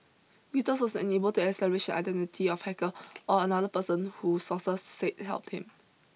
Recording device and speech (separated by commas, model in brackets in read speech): mobile phone (iPhone 6), read sentence